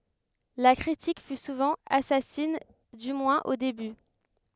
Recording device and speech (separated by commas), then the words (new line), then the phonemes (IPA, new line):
headset microphone, read sentence
La critique fut souvent assassine, du moins au début.
la kʁitik fy suvɑ̃ asasin dy mwɛ̃z o deby